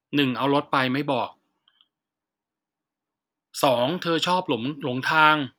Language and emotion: Thai, frustrated